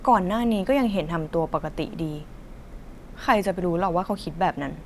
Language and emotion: Thai, frustrated